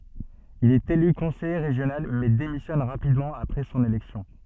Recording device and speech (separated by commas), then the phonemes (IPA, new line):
soft in-ear microphone, read sentence
il ɛt ely kɔ̃sɛje ʁeʒjonal mɛ demisjɔn ʁapidmɑ̃ apʁɛ sɔ̃n elɛksjɔ̃